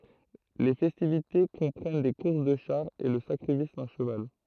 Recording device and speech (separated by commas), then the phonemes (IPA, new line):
throat microphone, read sentence
le fɛstivite kɔ̃pʁɛn de kuʁs də ʃaʁz e lə sakʁifis dœ̃ ʃəval